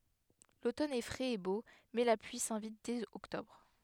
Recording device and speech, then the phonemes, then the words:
headset microphone, read sentence
lotɔn ɛ fʁɛz e bo mɛ la plyi sɛ̃vit dɛz ɔktɔbʁ
L'automne est frais et beau, mais la pluie s'invite dès octobre.

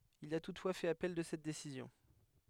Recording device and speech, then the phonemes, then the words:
headset microphone, read sentence
il a tutfwa fɛt apɛl də sɛt desizjɔ̃
Il a toutefois fait appel de cette décision.

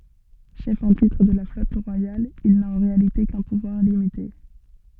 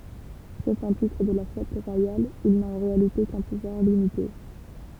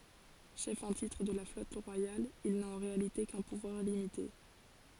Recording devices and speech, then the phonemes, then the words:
soft in-ear microphone, temple vibration pickup, forehead accelerometer, read sentence
ʃɛf ɑ̃ titʁ də la flɔt ʁwajal il na ɑ̃ ʁealite kœ̃ puvwaʁ limite
Chef en titre de la flotte royale, il n'a en réalité qu'un pouvoir limité.

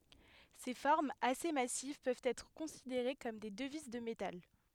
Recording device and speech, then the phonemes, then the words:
headset microphone, read sentence
se fɔʁmz ase masiv pøvt ɛtʁ kɔ̃sideʁe kɔm de dəviz də metal
Ces formes assez massives peuvent être considérées comme des devises de métal.

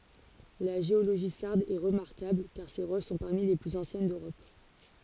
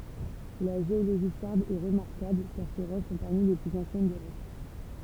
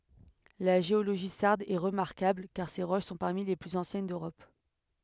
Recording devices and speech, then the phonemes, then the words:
forehead accelerometer, temple vibration pickup, headset microphone, read sentence
la ʒeoloʒi saʁd ɛ ʁəmaʁkabl kaʁ se ʁoʃ sɔ̃ paʁmi le plyz ɑ̃sjɛn døʁɔp
La géologie sarde est remarquable car ses roches sont parmi les plus anciennes d'Europe.

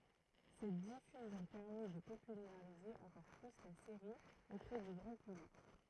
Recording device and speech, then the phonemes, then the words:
throat microphone, read sentence
sɛt difyzjɔ̃ pɛʁmi də popylaʁize ɑ̃kɔʁ ply la seʁi opʁɛ dy ɡʁɑ̃ pyblik
Cette diffusion permit de populariser encore plus la série auprès du grand public.

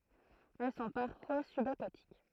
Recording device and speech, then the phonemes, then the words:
throat microphone, read sentence
ɛl sɔ̃ paʁfwa sybakatik
Elles sont parfois subaquatiques.

